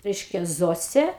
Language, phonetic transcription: Lithuanian, ˈreiškia ˈzosė

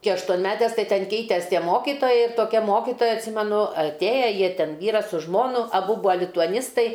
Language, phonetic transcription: Lithuanian, ˈki aštuonˈmetes ˈtai ˈten ˈkeites ˈtie ˈmokitojai toˈkia ˈmokitoja atˈsymenu atˈėja ˈjie ˈten ˈvyras su ˈžmonu aˈbu ˈbūa lituaˈnistai

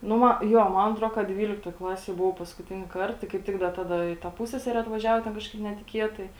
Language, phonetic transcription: Lithuanian, ˈnu ˈma ˈjo ˈman atˈro ka ˈdvyliktoj ˈklasėj buˈvau paskuˈtini ˈkart ˈtai kaip ˈtik ˈda ˈtada i ˈta ˈpussesere atvaˈžiavo ˈten ˈkažkaip netiˈkietai

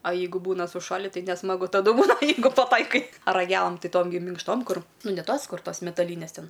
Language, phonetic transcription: Lithuanian, a ˈjeigu ˈbūna suˈšali tai nesmaˈgu taˈdu ˈbūna ˈjeigu paˈtaikai raˈgelam ˈti ˈtom gi minkšˈtom ˈkur ˈnu ne ˈtos ˈkur ˈtos metaˈlynes ˈten

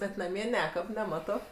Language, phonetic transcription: Lithuanian, bet naˈmie ˈnekab neˈmato

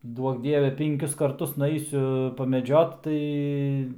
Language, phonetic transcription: Lithuanian, ˈduok ˈdieve pinˈkius karˈtus nuˈeisiu pameˈdžiot ˈtai

